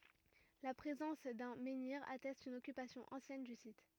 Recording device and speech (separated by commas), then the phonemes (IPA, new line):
rigid in-ear microphone, read sentence
la pʁezɑ̃s dœ̃ mɑ̃niʁ atɛst yn ɔkypasjɔ̃ ɑ̃sjɛn dy sit